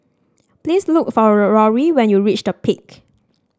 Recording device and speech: standing microphone (AKG C214), read sentence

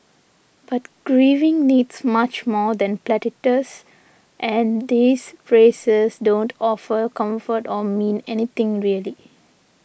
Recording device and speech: boundary microphone (BM630), read sentence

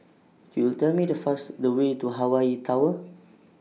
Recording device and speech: mobile phone (iPhone 6), read sentence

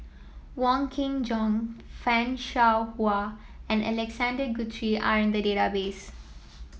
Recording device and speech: mobile phone (iPhone 7), read sentence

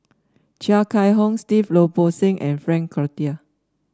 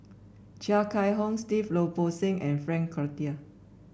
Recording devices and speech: standing microphone (AKG C214), boundary microphone (BM630), read sentence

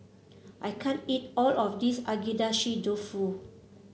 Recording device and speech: mobile phone (Samsung C7), read sentence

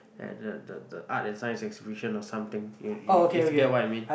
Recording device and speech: boundary microphone, conversation in the same room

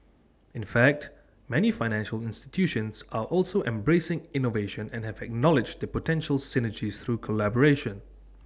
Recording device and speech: standing microphone (AKG C214), read sentence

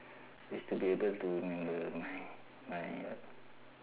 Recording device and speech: telephone, conversation in separate rooms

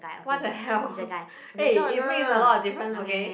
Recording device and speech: boundary microphone, conversation in the same room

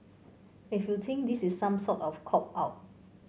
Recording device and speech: mobile phone (Samsung C5), read sentence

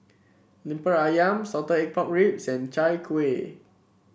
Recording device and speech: boundary microphone (BM630), read sentence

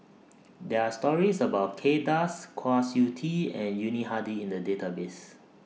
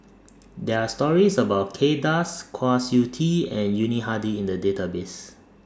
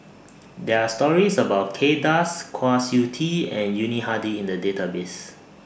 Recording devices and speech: mobile phone (iPhone 6), standing microphone (AKG C214), boundary microphone (BM630), read sentence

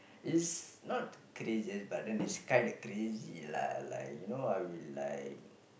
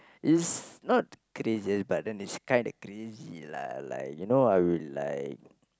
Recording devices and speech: boundary microphone, close-talking microphone, conversation in the same room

